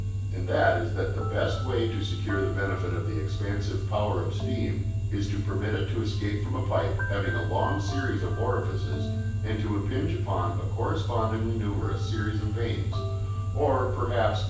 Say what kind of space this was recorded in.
A big room.